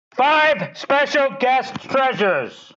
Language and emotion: English, disgusted